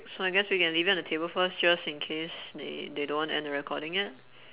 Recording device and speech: telephone, conversation in separate rooms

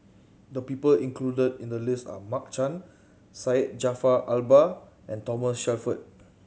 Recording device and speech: mobile phone (Samsung C7100), read sentence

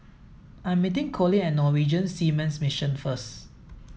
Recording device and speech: mobile phone (iPhone 7), read sentence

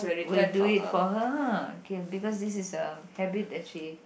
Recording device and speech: boundary microphone, conversation in the same room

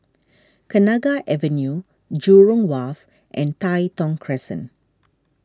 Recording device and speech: standing microphone (AKG C214), read sentence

